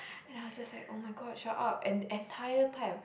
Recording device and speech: boundary microphone, conversation in the same room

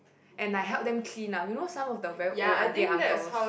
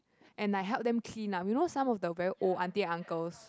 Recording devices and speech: boundary microphone, close-talking microphone, conversation in the same room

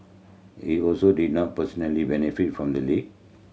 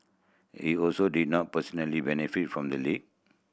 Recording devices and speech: mobile phone (Samsung C7100), boundary microphone (BM630), read sentence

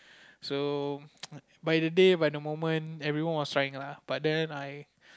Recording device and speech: close-talking microphone, conversation in the same room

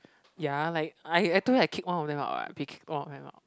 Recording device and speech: close-talking microphone, conversation in the same room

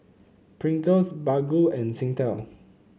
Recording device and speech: mobile phone (Samsung C9), read sentence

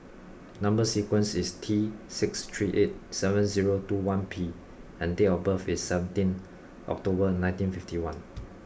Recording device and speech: boundary microphone (BM630), read sentence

